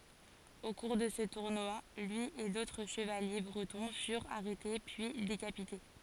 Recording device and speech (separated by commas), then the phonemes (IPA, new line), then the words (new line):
forehead accelerometer, read sentence
o kuʁ də sə tuʁnwa lyi e dotʁ ʃəvalje bʁətɔ̃ fyʁt aʁɛte pyi dekapite
Au cours de ce tournoi lui et d'autres chevaliers bretons furent arrêtés puis décapités.